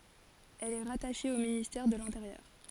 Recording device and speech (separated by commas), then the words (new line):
forehead accelerometer, read sentence
Elle est rattachée au ministère de l'Intérieur.